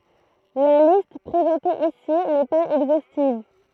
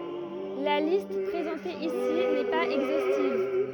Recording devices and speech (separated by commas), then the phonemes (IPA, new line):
throat microphone, rigid in-ear microphone, read sentence
la list pʁezɑ̃te isi nɛ paz ɛɡzostiv